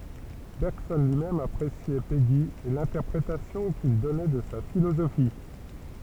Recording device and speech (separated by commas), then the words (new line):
temple vibration pickup, read sentence
Bergson lui-même appréciait Péguy et l'interprétation qu'il donnait de sa philosophie.